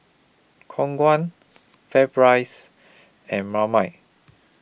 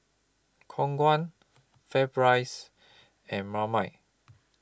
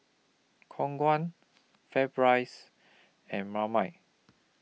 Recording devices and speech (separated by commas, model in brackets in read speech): boundary microphone (BM630), close-talking microphone (WH20), mobile phone (iPhone 6), read sentence